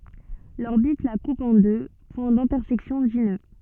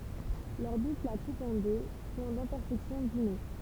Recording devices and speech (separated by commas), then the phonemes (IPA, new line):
soft in-ear microphone, temple vibration pickup, read sentence
lɔʁbit la kup ɑ̃ dø pwɛ̃ dɛ̃tɛʁsɛksjɔ̃ di nø